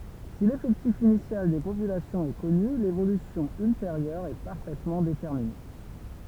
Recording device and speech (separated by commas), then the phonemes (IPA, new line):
temple vibration pickup, read sentence
si lefɛktif inisjal de popylasjɔ̃z ɛ kɔny levolysjɔ̃ ylteʁjœʁ ɛ paʁfɛtmɑ̃ detɛʁmine